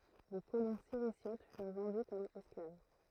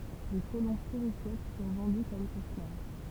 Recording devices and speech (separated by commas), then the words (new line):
throat microphone, temple vibration pickup, read sentence
Les colons Sirisiotes furent vendus comme esclaves.